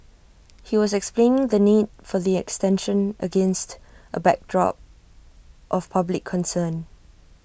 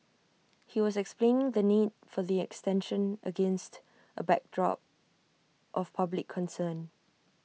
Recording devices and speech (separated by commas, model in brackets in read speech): boundary microphone (BM630), mobile phone (iPhone 6), read sentence